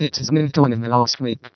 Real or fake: fake